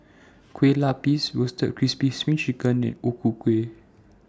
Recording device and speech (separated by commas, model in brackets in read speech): standing microphone (AKG C214), read sentence